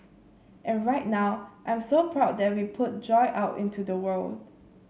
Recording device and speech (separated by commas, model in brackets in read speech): mobile phone (Samsung C7), read sentence